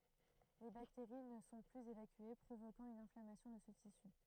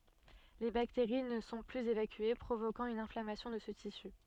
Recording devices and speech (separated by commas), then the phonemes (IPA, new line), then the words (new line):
throat microphone, soft in-ear microphone, read sentence
le bakteʁi nə sɔ̃ plyz evakye pʁovokɑ̃ yn ɛ̃flamasjɔ̃ də sə tisy
Les bactéries ne sont plus évacuées, provoquant une inflammation de ce tissu.